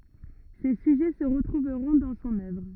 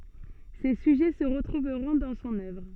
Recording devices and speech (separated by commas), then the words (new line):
rigid in-ear microphone, soft in-ear microphone, read sentence
Ces sujets se retrouveront dans son œuvre.